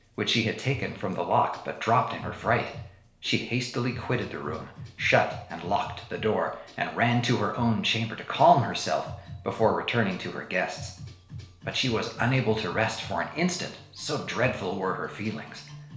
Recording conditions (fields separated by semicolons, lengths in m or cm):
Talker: one person; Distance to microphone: 1.0 m; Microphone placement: close; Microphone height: 1.1 m; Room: small (3.7 m by 2.7 m); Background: music